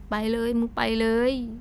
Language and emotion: Thai, neutral